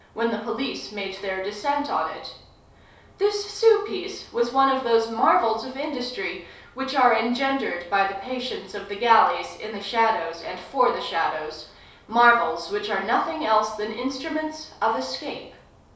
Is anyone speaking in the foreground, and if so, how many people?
One person.